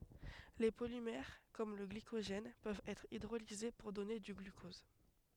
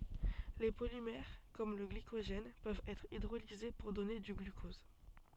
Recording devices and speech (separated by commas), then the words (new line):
headset microphone, soft in-ear microphone, read sentence
Les polymères comme le glycogène peuvent être hydrolysés pour donner du glucose.